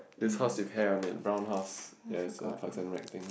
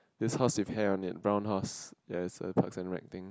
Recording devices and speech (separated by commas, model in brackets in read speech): boundary microphone, close-talking microphone, conversation in the same room